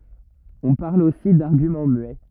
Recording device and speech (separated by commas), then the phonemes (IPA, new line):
rigid in-ear microphone, read sentence
ɔ̃ paʁl osi daʁɡymɑ̃ myɛ